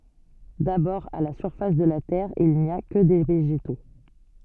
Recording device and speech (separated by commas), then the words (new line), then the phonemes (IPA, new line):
soft in-ear microphone, read sentence
D’abord à la surface de la terre il n’y a que des végétaux.
dabɔʁ a la syʁfas də la tɛʁ il ni a kə de veʒeto